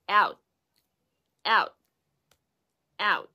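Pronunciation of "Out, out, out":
In 'out', the final t is a held t and is not overpronounced.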